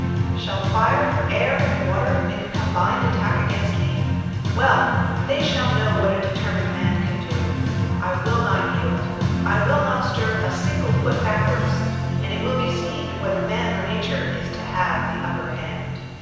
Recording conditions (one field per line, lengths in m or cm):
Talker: one person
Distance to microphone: 7.1 m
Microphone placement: far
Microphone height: 1.7 m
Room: very reverberant, large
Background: music